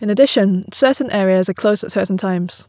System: none